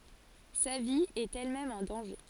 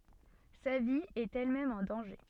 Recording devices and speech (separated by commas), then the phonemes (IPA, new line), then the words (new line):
forehead accelerometer, soft in-ear microphone, read sentence
sa vi ɛt ɛlmɛm ɑ̃ dɑ̃ʒe
Sa vie est elle-même en danger.